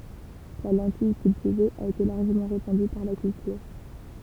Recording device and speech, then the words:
temple vibration pickup, read sentence
La lentille cultivée a été largement répandue par la culture.

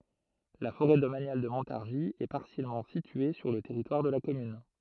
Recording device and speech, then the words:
throat microphone, read sentence
La forêt domaniale de Montargis est partiellement située sur le territoire de la commune.

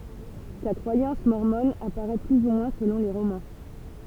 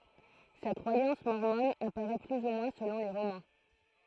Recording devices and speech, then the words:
temple vibration pickup, throat microphone, read sentence
Sa croyance mormone apparaît plus ou moins selon les romans.

